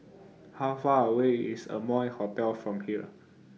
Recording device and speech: mobile phone (iPhone 6), read sentence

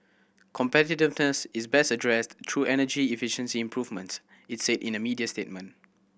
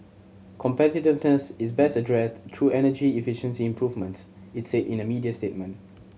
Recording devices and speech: boundary microphone (BM630), mobile phone (Samsung C7100), read sentence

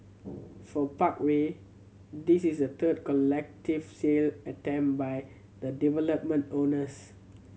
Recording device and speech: mobile phone (Samsung C7100), read sentence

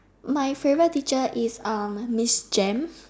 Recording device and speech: standing microphone, conversation in separate rooms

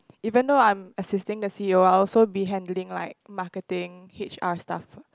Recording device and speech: close-talking microphone, conversation in the same room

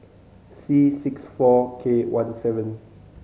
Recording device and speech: mobile phone (Samsung C5010), read sentence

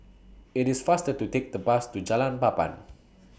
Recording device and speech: boundary microphone (BM630), read sentence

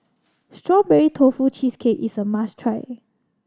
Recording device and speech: standing microphone (AKG C214), read sentence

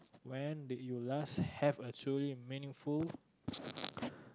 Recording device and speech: close-talking microphone, conversation in the same room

